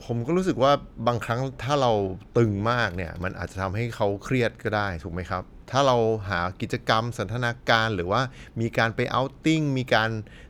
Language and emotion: Thai, neutral